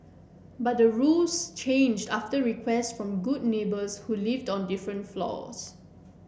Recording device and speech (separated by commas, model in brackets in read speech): boundary microphone (BM630), read sentence